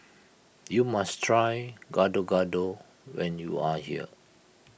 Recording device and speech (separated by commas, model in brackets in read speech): boundary microphone (BM630), read sentence